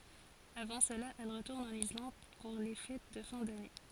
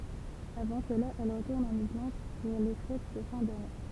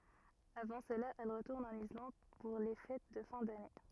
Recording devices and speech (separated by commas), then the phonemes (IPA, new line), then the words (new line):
forehead accelerometer, temple vibration pickup, rigid in-ear microphone, read sentence
avɑ̃ səla ɛl ʁətuʁn ɑ̃n islɑ̃d puʁ le fɛt də fɛ̃ dane
Avant cela, elle retourne en Islande pour les fêtes de fin d'année.